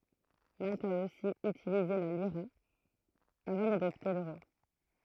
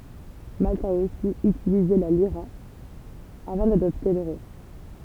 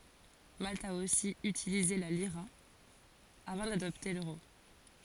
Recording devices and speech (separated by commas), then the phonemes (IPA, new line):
throat microphone, temple vibration pickup, forehead accelerometer, read sentence
malt a osi ytilize la liʁa avɑ̃ dadɔpte løʁo